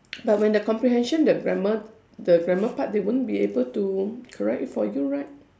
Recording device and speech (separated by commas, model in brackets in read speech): standing microphone, conversation in separate rooms